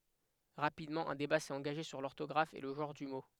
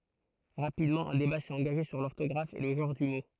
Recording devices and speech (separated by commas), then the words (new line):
headset microphone, throat microphone, read sentence
Rapidement, un débat s'est engagé sur l'orthographe et le genre du mot.